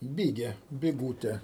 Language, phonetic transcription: Lithuanian, ˈbige biˈgūte

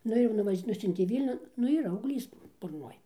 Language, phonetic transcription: Lithuanian, ˈnu ir nuˈvaž' ˈnusiuntė ˈvylniun ˈnu yˈra augˈlys burˈnoj

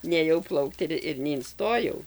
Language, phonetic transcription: Lithuanian, nėˈjau ˈplaukt ir ir neinˈstojau

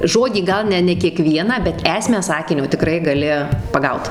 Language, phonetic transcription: Lithuanian, ˈžodį ˈgal ne ne kieˈkvieną bet ˈesmę ˈsakinio tiˈkrai gaˈli paˈgaut

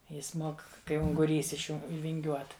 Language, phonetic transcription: Lithuanian, ˈjis ˈmok kai unguˈrys iš ˈjų vinˈgiuot

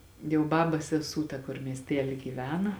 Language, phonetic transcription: Lithuanian, jau ˈbabas seˈsū ˈta kur miesˈtely gyˈvena

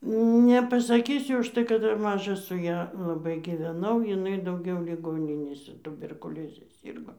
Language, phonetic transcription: Lithuanian, nepasaˈkysiu užˈtai kad ˈdar ˈmaža su ˈja laˈbai giveˈnau jiˈnai dauˈgiau liˈgoninėse tuberkuˈlioze ˈsyrgo

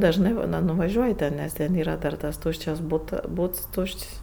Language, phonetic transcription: Lithuanian, dažˈnɜ ˈbūna nuvaˈžiuoji ten ˈnes ten ˈyra dar tas ˈtūščias ˈbūta ˈbūts ˈtūš'č's'

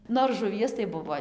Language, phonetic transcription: Lithuanian, ˈnor žuˈvies tai ˈbuvo

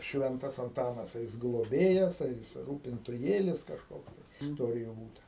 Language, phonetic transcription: Lithuanian, ˈšventas anˈtanas a ˈjis gloˈbėjas ar ˈjis rūpintuˈjėlis kažˈkoks isˈtoriju ˈbūta

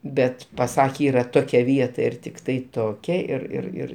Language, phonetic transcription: Lithuanian, ˈbet paˈsakė ˈyra ˈtokia ˈvieta ir ˈtiktai ˈtokia ir ir ˈir

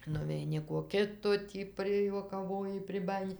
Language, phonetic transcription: Lithuanian, nuveiˈni ko ˈkito ˈtį prijuokaˈvoji priˈbajini

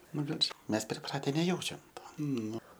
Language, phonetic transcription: Lithuanian, ˈnu bet ž ˈmes priˈprate neˈjaučiam ˈto ˈnu

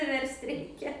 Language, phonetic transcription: Lithuanian, ˈverst ˈreikia

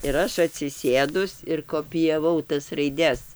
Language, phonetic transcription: Lithuanian, ir ˈaš atsiˈsėdus ir kopijaˈvau tas raiˈdes

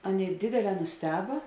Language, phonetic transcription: Lithuanian, ˈaˌnėi ˈdėdėˌlē nusˈteba

